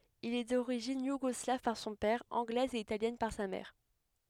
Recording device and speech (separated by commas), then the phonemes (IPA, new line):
headset microphone, read sentence
il ɛ doʁiʒin juɡɔslav paʁ sɔ̃ pɛʁ ɑ̃ɡlɛz e italjɛn paʁ sa mɛʁ